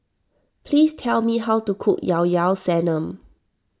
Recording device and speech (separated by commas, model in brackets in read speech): standing microphone (AKG C214), read sentence